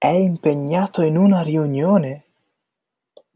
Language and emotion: Italian, surprised